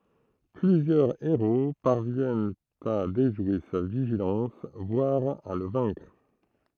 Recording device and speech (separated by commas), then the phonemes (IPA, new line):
throat microphone, read sentence
plyzjœʁ eʁo paʁvjɛnt a deʒwe sa viʒilɑ̃s vwaʁ a lə vɛ̃kʁ